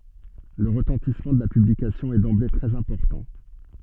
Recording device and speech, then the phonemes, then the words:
soft in-ear microphone, read sentence
lə ʁətɑ̃tismɑ̃ də la pyblikasjɔ̃ ɛ dɑ̃ble tʁɛz ɛ̃pɔʁtɑ̃
Le retentissement de la publication est d'emblée très important.

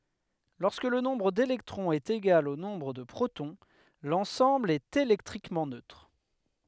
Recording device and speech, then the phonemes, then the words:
headset microphone, read sentence
lɔʁskə lə nɔ̃bʁ delɛktʁɔ̃z ɛt eɡal o nɔ̃bʁ də pʁotɔ̃ lɑ̃sɑ̃bl ɛt elɛktʁikmɑ̃ nøtʁ
Lorsque le nombre d'électrons est égal au nombre de protons, l'ensemble est électriquement neutre.

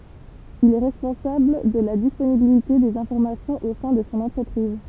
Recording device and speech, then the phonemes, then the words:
temple vibration pickup, read sentence
il ɛ ʁɛspɔ̃sabl də la disponibilite dez ɛ̃fɔʁmasjɔ̃z o sɛ̃ də sɔ̃ ɑ̃tʁəpʁiz
Il est responsable de la disponibilité des informations au sein de son entreprise.

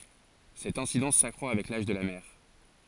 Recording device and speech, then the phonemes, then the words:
forehead accelerometer, read sentence
sɛt ɛ̃sidɑ̃s sakʁwa avɛk laʒ də la mɛʁ
Cette incidence s’accroît avec l'âge de la mère.

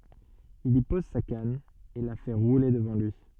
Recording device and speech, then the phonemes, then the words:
soft in-ear microphone, read sentence
il i pɔz sa kan e la fɛ ʁule dəvɑ̃ lyi
Il y pose sa canne et la fait rouler devant lui.

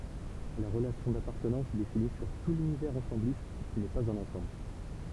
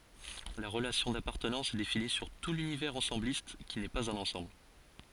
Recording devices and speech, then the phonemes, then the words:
temple vibration pickup, forehead accelerometer, read sentence
la ʁəlasjɔ̃ dapaʁtənɑ̃s ɛ defini syʁ tu lynivɛʁz ɑ̃sɑ̃blist ki nɛ paz œ̃n ɑ̃sɑ̃bl
La relation d'appartenance est définie sur tout l'univers ensembliste, qui n'est pas un ensemble.

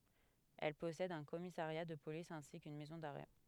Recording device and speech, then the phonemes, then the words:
headset microphone, read sentence
ɛl pɔsɛd œ̃ kɔmisaʁja də polis ɛ̃si kyn mɛzɔ̃ daʁɛ
Elle possède un commissariat de police ainsi qu'une maison d'arrêt.

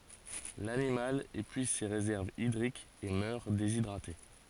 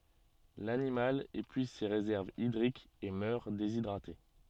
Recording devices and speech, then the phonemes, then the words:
forehead accelerometer, soft in-ear microphone, read sentence
lanimal epyiz se ʁezɛʁvz idʁikz e mœʁ dezidʁate
L'animal épuise ses réserves hydriques et meurt déshydraté.

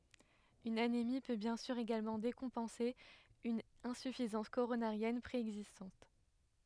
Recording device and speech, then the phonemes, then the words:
headset microphone, read sentence
yn anemi pø bjɛ̃ syʁ eɡalmɑ̃ dekɔ̃pɑ̃se yn ɛ̃syfizɑ̃s koʁonaʁjɛn pʁeɛɡzistɑ̃t
Une anémie peut bien sûr également décompenser une insuffisance coronarienne préexistante.

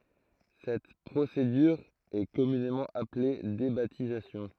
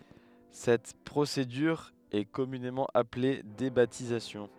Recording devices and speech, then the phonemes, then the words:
throat microphone, headset microphone, read sentence
sɛt pʁosedyʁ ɛ kɔmynemɑ̃ aple debatizasjɔ̃
Cette procédure est communément appelée débaptisation.

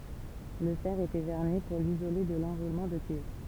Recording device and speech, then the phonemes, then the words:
temple vibration pickup, read sentence
lə fɛʁ etɛ vɛʁni puʁ lizole də lɑ̃ʁulmɑ̃ də kyivʁ
Le fer était vernis pour l'isoler de l'enroulement de cuivre.

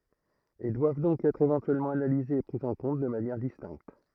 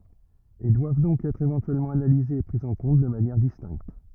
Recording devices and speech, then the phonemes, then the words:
throat microphone, rigid in-ear microphone, read sentence
e dwav dɔ̃k ɛtʁ evɑ̃tyɛlmɑ̃ analizez e pʁi ɑ̃ kɔ̃t də manjɛʁ distɛ̃kt
Et doivent donc être éventuellement analysés et pris en compte de manière distincte.

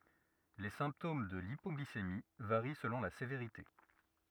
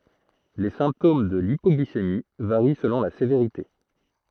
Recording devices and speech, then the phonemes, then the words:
rigid in-ear microphone, throat microphone, read sentence
le sɛ̃ptom də lipɔɡlisemi vaʁi səlɔ̃ la seveʁite
Les symptômes de l'hypoglycémie varient selon la sévérité.

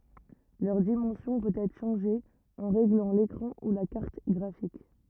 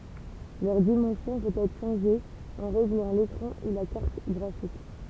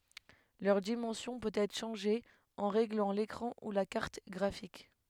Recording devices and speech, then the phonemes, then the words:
rigid in-ear microphone, temple vibration pickup, headset microphone, read sentence
lœʁ dimɑ̃sjɔ̃ pøt ɛtʁ ʃɑ̃ʒe ɑ̃ ʁeɡlɑ̃ lekʁɑ̃ u la kaʁt ɡʁafik
Leur dimension peut être changée en réglant l'écran ou la carte graphique.

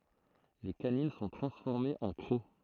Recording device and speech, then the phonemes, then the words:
throat microphone, read sentence
le kanin sɔ̃ tʁɑ̃sfɔʁmez ɑ̃ kʁo
Les canines sont transformées en crocs.

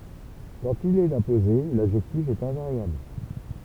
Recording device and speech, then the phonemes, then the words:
temple vibration pickup, read sentence
kɑ̃t il ɛt apoze ladʒɛktif ɛt ɛ̃vaʁjabl
Quand il est apposé, l'adjectif est invariable.

